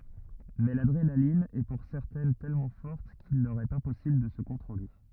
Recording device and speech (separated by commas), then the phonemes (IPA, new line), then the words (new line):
rigid in-ear microphone, read sentence
mɛ ladʁenalin ɛ puʁ sɛʁtɛn tɛlmɑ̃ fɔʁt kil lœʁ ɛt ɛ̃pɔsibl də sə kɔ̃tʁole
Mais l’adrénaline est pour certaines tellement forte qu'il leur est impossible de se contrôler.